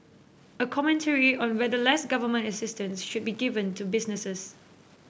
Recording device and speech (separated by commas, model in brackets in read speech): boundary microphone (BM630), read sentence